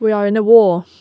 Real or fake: real